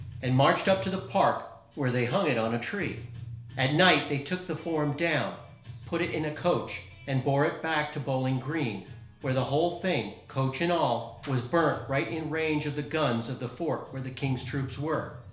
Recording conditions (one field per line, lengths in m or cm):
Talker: one person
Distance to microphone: 1.0 m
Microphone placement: close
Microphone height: 1.1 m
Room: small (3.7 m by 2.7 m)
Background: music